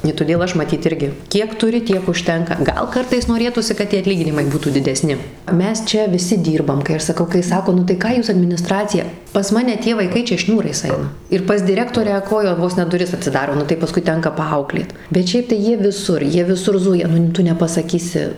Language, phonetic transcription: Lithuanian, i tuˈdėl ˈaš maˈtyt ˈirgi ˈkiek tuˈri ˈtiek užˈtenka ˈgal ˈkartais noˈrėtųsi kad ˈtie atˈlyginimai ˈbūtų dideˈsni ˈmes ˈčia viˈsi ˈdyrbam kai ˈaš saˈkau kai ˈsako nu ˈką ˈjūs adminiˈstracija pas ˈmane tie vaiˈkai ˈčia ˈšniūrais ˈaina ir pas diˈrektorę ˈkoja ˈvos ne duˈris atsiˈdaro ˈnu tai paˈskui ˈtenka paˈauklėt bet ˈšiaip tai ˈjie viˈsur ˈjie viˈsur ˈzuja ˈnu ˈtu nepasaˈkysi

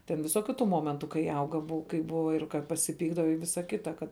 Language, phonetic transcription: Lithuanian, ten viˈsokiu tu ˈmomentu kai ˈauga ˈbua kai ˈbuva ir ka pasiˈpykdava i ˈvisa ˈkita kad

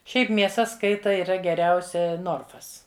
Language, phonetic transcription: Lithuanian, ˈšiaip mieˈsa ˈskaita yˈra geˈriausia ˈnorfas

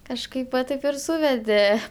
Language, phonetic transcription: Lithuanian, kažˈkaip va ˈtaip ir ˈsūvedė

